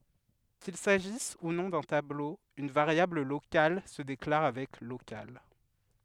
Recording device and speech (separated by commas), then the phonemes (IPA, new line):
headset microphone, read sentence
kil saʒis u nɔ̃ dœ̃ tablo yn vaʁjabl lokal sə deklaʁ avɛk lokal